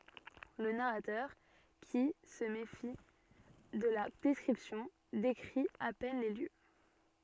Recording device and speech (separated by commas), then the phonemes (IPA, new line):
soft in-ear microphone, read sentence
lə naʁatœʁ ki sə mefi də la dɛskʁipsjɔ̃ dekʁi a pɛn le ljø